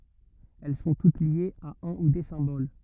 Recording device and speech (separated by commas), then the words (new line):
rigid in-ear microphone, read sentence
Elles sont toutes liées à un ou des symboles.